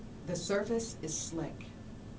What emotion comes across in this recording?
neutral